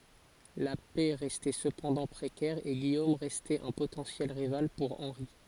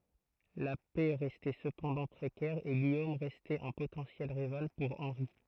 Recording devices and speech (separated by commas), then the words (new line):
forehead accelerometer, throat microphone, read sentence
La paix restait cependant précaire et Guillaume restait un potentiel rival pour Henri.